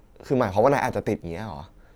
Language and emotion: Thai, neutral